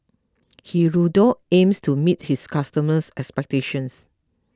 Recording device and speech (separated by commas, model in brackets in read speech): close-talking microphone (WH20), read sentence